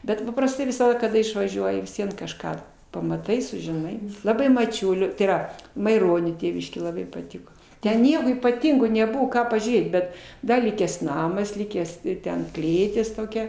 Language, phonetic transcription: Lithuanian, ˈbet paprasˈtai visaˈda kaˈda išvaˈžiuoji vis ˈvien kažˈką pamaˈtai sužiˈnai laˈbai maˈčiulio tai yˈra maiˈronio ˈtėviškė laˈbai paˈtiko ˈten ˈnieko ypaˈtingo neˈbuvo ˈką pažiūˈrėt ˈbet ˈda ˈlikęs ˈnamas ˈlikęs ˈten ˈklėtis toˈkia

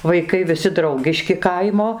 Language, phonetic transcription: Lithuanian, vaiˈkai viˈsi ˈdraugiški ˈkaimo

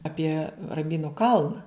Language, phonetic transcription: Lithuanian, ˈapie ramˈbynu ˈkalna

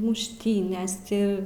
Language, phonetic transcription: Lithuanian, mušˈtynės ˈti

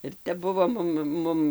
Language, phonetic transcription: Lithuanian, ir ˈtep ˈbuvo ˈmum ˈmum

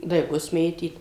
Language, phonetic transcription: Lithuanian, daiˈgus ˈmėtyt

